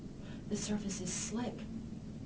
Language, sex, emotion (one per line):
English
female
neutral